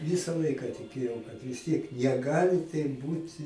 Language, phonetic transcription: Lithuanian, ˈvisa ˈlaika tiˈkėjau kad visˈtiek neˈgali taip ˈbūt'

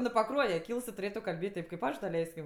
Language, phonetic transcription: Lithuanian, nu paˈkruoje ˈkyls tuˈrėtu kalˈbėt' ˈtėp kaip ˈaš daˈleiskim

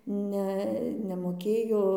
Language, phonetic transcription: Lithuanian, ˈne nemoˈkėjo

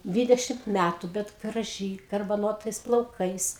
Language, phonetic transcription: Lithuanian, ˈdvydešimt ˈmætu bet graˈžy garbaˈnotais plauˈkais

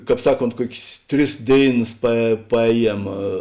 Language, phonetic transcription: Lithuanian, ˈkāp ˈsaˌkont ˈkuok's' ˈtris ˈdėiˌnas pa paˈēˌjiem

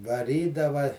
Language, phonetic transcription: Lithuanian, vaˈrydava

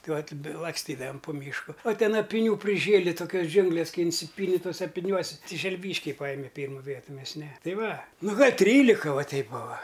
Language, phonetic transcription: Lithuanian, ˈtai ˈvat' laksˈtydavam pu ˈmyšku o ˈten apiˈnių priˈžėli toˈkios ˈdžiunglės ˈkai inˈsipyni toˈse apiˈniuosi ˈti želˈvyškiai ˈpajime ˈpyrmu ˈvietu ˈmes ne ˈtai ˈva ˈnu gal' ˈtrylika ˈva ˈteip ˈbuva

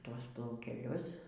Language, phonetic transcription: Lithuanian, ˈtuos plaukeˈlius

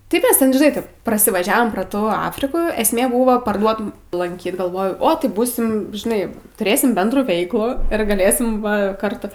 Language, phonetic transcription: Lithuanian, tai ˈkas ˈten žiˈnai ˈtaip prasivaˈžiavom pro ˈtų ˈafrikų esˈmė būvo parˈduotum lanˈkyt galˈvojau ˈo tai ˈbūsim žiˈnai tuˈrėsim ˈbendrų ˈveiklų ir gaˈlėsim ˈva ˈkartu

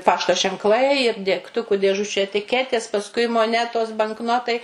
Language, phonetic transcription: Lithuanian, ˈpašto ženkˈlai ir degˈtuku dėˈžučių etiˈketės pasˈkui moˈnetos bankˈnotai

